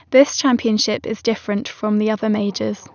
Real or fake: real